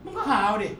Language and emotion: Thai, frustrated